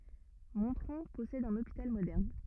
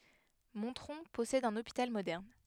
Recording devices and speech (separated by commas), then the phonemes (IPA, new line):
rigid in-ear microphone, headset microphone, read sentence
mɔ̃tʁɔ̃ pɔsɛd œ̃n opital modɛʁn